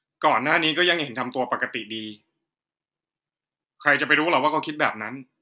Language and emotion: Thai, frustrated